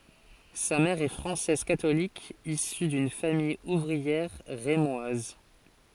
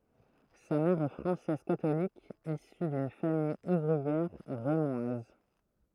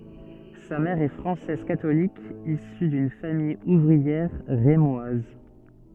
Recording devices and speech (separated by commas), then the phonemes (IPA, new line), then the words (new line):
forehead accelerometer, throat microphone, soft in-ear microphone, read sentence
sa mɛʁ ɛ fʁɑ̃sɛz katolik isy dyn famij uvʁiɛʁ ʁemwaz
Sa mère est française catholique, issue d'une famille ouvrière rémoise.